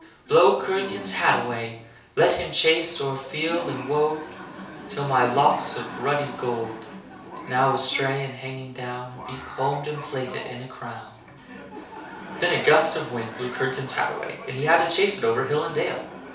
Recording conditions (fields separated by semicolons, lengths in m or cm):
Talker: one person; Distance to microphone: 3.0 m; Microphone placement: far; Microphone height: 1.8 m; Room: small (3.7 m by 2.7 m); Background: television